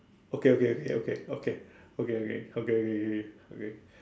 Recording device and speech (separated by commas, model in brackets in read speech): standing microphone, conversation in separate rooms